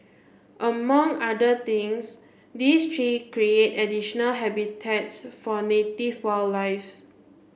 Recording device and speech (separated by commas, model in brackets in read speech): boundary microphone (BM630), read sentence